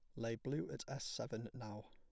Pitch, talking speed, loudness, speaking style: 115 Hz, 215 wpm, -46 LUFS, plain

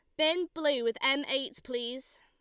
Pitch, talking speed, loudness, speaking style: 270 Hz, 180 wpm, -30 LUFS, Lombard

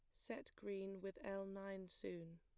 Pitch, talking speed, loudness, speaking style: 195 Hz, 165 wpm, -51 LUFS, plain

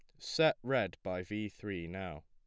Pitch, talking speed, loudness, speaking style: 90 Hz, 175 wpm, -36 LUFS, plain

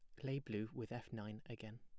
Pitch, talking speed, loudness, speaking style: 115 Hz, 235 wpm, -48 LUFS, plain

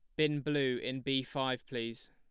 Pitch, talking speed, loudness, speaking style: 130 Hz, 190 wpm, -34 LUFS, plain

